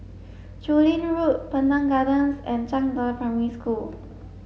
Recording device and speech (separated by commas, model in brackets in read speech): mobile phone (Samsung S8), read sentence